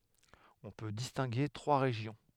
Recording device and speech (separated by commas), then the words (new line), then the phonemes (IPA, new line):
headset microphone, read sentence
On peut distinguer trois régions.
ɔ̃ pø distɛ̃ɡe tʁwa ʁeʒjɔ̃